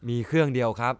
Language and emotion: Thai, neutral